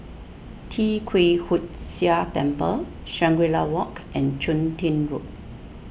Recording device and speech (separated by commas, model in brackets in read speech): boundary microphone (BM630), read sentence